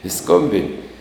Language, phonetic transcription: Lithuanian, i ˈskombini

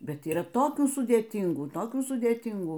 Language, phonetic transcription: Lithuanian, ˈbet yˈra ˈtokių sudėˈtingų ˈtokių sudėˈtingų

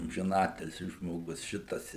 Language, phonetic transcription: Lithuanian, amžiˈnatilsi žmoˈgus ˈšitas

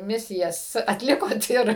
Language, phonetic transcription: Lithuanian, ˈmisijas atˈlikot ir

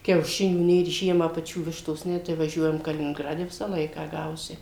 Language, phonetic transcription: Lithuanian, kiauˈšinių ˈnėr ˈžiemą paˈčių ˈvištos ˈne tai vaˈžiuojam kalininˈgrade ˈvisą ˈlaiką ˈgausi

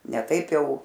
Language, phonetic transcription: Lithuanian, ne ˈtaip ˈjau

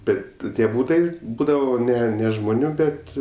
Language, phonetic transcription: Lithuanian, ˈbet ˈtie ˈbūtai ˈbūdavo ˈne ne žmoˈnių ˈbet

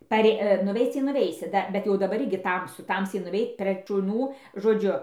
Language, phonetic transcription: Lithuanian, paˈrė nuˈveic tai nuˈveisi ˈda bet jau daˈbar ˈirgi ˈtamsu ˈtamsiai nuˈveit ˈprėg šuˈnų žoˈdžiu

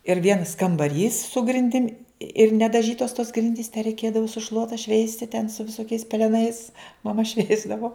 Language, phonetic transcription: Lithuanian, ir ˈvienas kambaˈrys su grinˈdim' ir nedaˈžytos tos ˈgrindys te reiˈkėdavo su ˈšluota ˈšveisti ten su viˈsokiais peleˈnais maˈma ˈšveisdavo

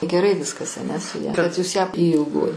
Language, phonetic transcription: Lithuanian, geˈrai ˈviskas aˈne su ˈja kad jūs ją y ilˈgoji

